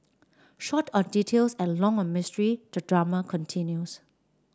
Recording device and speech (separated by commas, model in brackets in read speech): standing microphone (AKG C214), read sentence